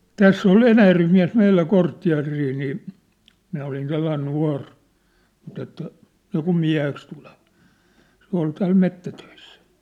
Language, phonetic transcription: Finnish, täss ‿ol "Enäjärvem miä̭s 'meillä 'korttia̭rii nii , 'minä olin 'sellain 'nua̭r , mut ‿että , niikum 'miä̭heks tulᴇVᴀ , se ‿ol tääl 'mettätöissᴀ̈ .
- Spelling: tässä oli Enäjärven mies meillä kortteeria niin minä olin sellainen nuori mutta että niin kuin mieheksi tuleva se oli täällä metsätöissä

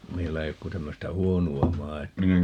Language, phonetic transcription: Finnish, 'meillä ei ok ku 'tämmöstä "huonu₍a "maitu₍a .
- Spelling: meillä ei ole kuin tämmöistä huonoa maitoa

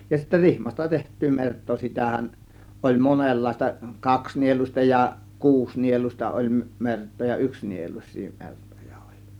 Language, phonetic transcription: Finnish, ja sittä "rihmasta teht̆tyy 'mert̆too 'sitähän , oĺ "monellaista , 'kaksnieluⁱsta ja 'kuusnieluⁱsta oĺ 'mert̆too ja 'yksnieluⁱs̆sii mertoja oĺ .
- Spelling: ja sitten rihmasta tehty merta sitähän oli monenlaista kaksinieluista ja kuusinieluista oli mertaa ja yksinieluisia mertoja oli

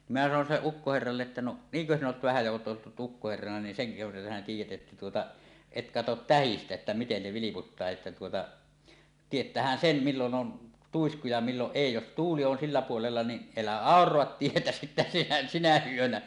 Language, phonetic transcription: Finnish, nim minä sanon 'silleˀ 'ˀukkoherralle’ ’että » no , "niiŋkö 'sinn ‿oot 'vähä ja oot ('olluj jo) 'ukkoherrana niin seŋkö verta sinä 'tiij̆jät 'ˀettä tuota , "et "katot "tähistä että 'miten 'ne 'viliputtaa että tuota , "tiet̀äähän "sem 'millon 'ˀon , "tuisku ja 'milloˀ 'ˀèi jos "tuuli on 'sillä 'puolella ni , "elä "àor̀oat 'tietä sittä sinä "sinä 'yönä .
- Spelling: niin minä sanoin sille ukkoherralle että no niinkö sinä olet vähän ja olet ollut jo ukkoherrana niin senkö verta sinä tiedät että tuota et katso tähdistä että miten ne vilputtaa että tuota tietäähän sen milloin on tuisku ja milloin ei jos tuuli on sillä puolella niin älä auraa tietä sitten sinä sinä yönä

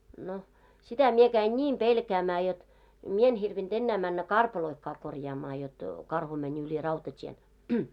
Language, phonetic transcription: Finnish, no , 'sitä mie käin "ńiim 'pelkäämää jot , 'mie en hirvin'ᴅ ennä männä "karpaloⁱkkaa korjaamaa jot , 'karhu mäń ‿yĺi 'rautat́ien .
- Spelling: no sitä minä kävin niin pelkäämään jotta minä en hirvinnyt enää mennä karpaloitakaan korjaamaan jotta karhu meni yli rautatien

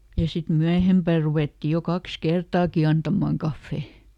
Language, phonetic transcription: Finnish, ja sit ˈmyähempä̀ ruvètti jo "kaks "kertaaki ˈantamaaŋ ˈkaffè .
- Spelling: ja sitten myöhempään ruvettiin jo kaksi kertaakin antamaan kahvia

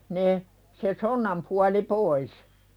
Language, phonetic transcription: Finnish, ne , se "sonnam puali 'pois .
- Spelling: ne se sonnan puoli pois

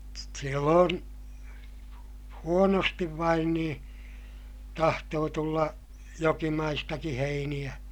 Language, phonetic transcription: Finnish, silloon , huonostiv vain niḭ , tahtoo tulla , jokimaistaki heiniʲä .
- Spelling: silloin huonosti vain niin tahtoi tulla jokimaistakin heiniä

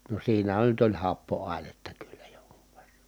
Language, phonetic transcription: Finnish, no siinähän nyt ‿oĺ happo₍ài̮netta kyllä joŋkUV VErra
- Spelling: no siinähän nyt oli happoainetta kyllä jonkun verran

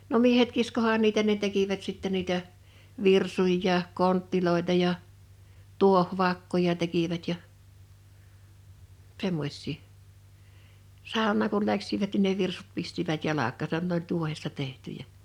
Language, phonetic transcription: Finnish, no 'miehet 'kiskohaan niitä ne 'tekivät sittɛ 'niitä , 'virsuj[a] jà , 'konttiloita ja , 'tuoh'vakkoja 'tekivät ja , 'semmoś̆sii , 'sàoǹaaŋ kul 'läksivät nin ne 'virsut 'pistivät 'jalak̆kaasan nᵉ ‿oĺ 'tuohesta 'tehtyjä .
- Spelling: no miehet kiskoihan niitä ne tekivät sitten niitä virsuja ja kontteja ja tuohivakkoja tekivät ja semmoisia saunaan kun lähtivät niin ne virsut pistivät jalkaansa ne oli tuohesta tehtyjä

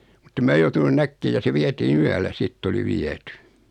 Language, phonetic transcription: Finnish, muttem mää 'joutunun 'näkkee ja se 'vietii"n ‿yällä 'sitt ‿oli "viety .
- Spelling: mutta en minä joutunut näkemään ja se vietiin yöllä sitten oli viety

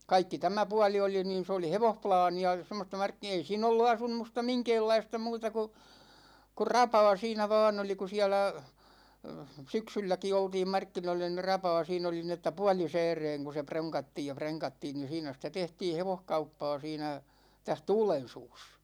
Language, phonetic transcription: Finnish, 'kaikki 'tämä 'puali 'oli niin̬ s ‿oli "hevohplaani₍a , 'semmosta markki- 'ei 'siin ‿ollu 'asum̆musta 'miŋkeellaista 'muuta ku , kur "rapaa 'siinä 'vaan ‿oli ku 'siälä , 'syksylläki 'oltiim "markkinoilla ni "rapaa 'siin ‿oli ni ‿että "puålisɛɛreeŋ ku "proŋkattiij ja "preŋkattiin ni 'siinä sitä 'tehtii "hevohkauppaa siinä , 'täh "Tuulen̬suus .
- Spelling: kaikki tämä puoli oli niin se oli hevosplaania semmoista - ei siinä ollut asumusta minkäänlaista muuta kuin kuin rapaa siinä vain oli kun siellä syksylläkin oltiin markkinoilla niin rapaa siinä oli niin että puolisääreen kun pronkattiin ja prenkattiin niin siinä sitä tehtiin hevoskauppaa siinä tässä Tuulensuussa

